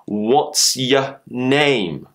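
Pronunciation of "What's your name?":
In 'What's your name?', 'your' is said as 'ya'.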